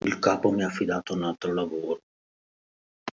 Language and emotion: Italian, sad